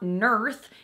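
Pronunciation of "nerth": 'North' is pronounced incorrectly here, as 'nerth' instead of 'north'.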